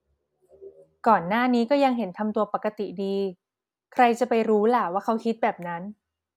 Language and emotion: Thai, neutral